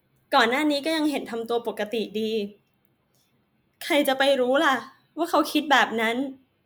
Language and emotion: Thai, sad